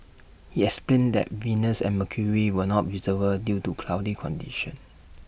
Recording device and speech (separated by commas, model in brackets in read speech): boundary microphone (BM630), read sentence